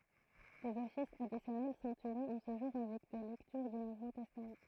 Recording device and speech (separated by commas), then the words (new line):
throat microphone, read sentence
Des offices additionnels sont tenus en ce jour avec des lectures du Nouveau Testament.